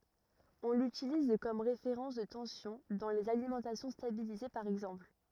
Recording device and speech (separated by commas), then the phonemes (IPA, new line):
rigid in-ear microphone, read sentence
ɔ̃ lytiliz kɔm ʁefeʁɑ̃s də tɑ̃sjɔ̃ dɑ̃ lez alimɑ̃tasjɔ̃ stabilize paʁ ɛɡzɑ̃pl